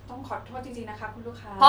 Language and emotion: Thai, sad